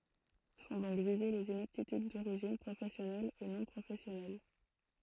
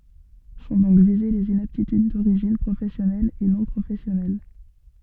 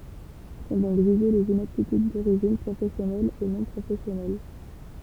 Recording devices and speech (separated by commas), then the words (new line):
throat microphone, soft in-ear microphone, temple vibration pickup, read sentence
Sont donc visées les inaptitudes d'origine professionnelle et non professionnelle.